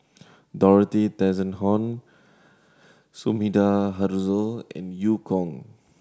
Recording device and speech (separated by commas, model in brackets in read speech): standing microphone (AKG C214), read sentence